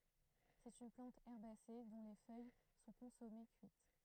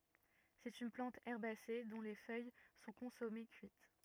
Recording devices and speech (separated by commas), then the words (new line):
throat microphone, rigid in-ear microphone, read sentence
C'est une plante herbacée dont les feuilles sont consommées cuites.